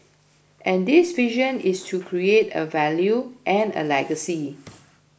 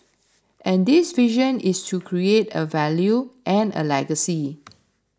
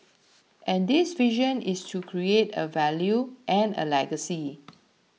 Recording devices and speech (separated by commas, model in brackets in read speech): boundary microphone (BM630), standing microphone (AKG C214), mobile phone (iPhone 6), read sentence